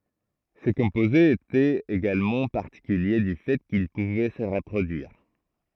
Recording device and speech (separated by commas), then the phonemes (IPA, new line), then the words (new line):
throat microphone, read sentence
se kɔ̃pozez etɛt eɡalmɑ̃ paʁtikylje dy fɛ kil puvɛ sə ʁəpʁodyiʁ
Ces composés étaient également particuliers du fait qu'ils pouvaient se reproduire.